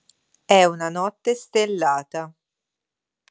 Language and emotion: Italian, neutral